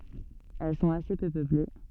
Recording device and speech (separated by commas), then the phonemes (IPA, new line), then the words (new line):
soft in-ear microphone, read sentence
ɛl sɔ̃t ase pø pøple
Elles sont assez peu peuplées.